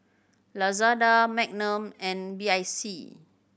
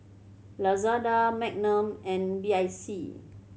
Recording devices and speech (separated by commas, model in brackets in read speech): boundary microphone (BM630), mobile phone (Samsung C7100), read sentence